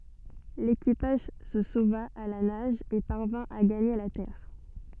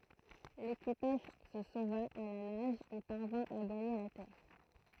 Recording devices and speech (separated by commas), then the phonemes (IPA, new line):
soft in-ear microphone, throat microphone, read sentence
lekipaʒ sə sova a la naʒ e paʁvɛ̃ a ɡaɲe la tɛʁ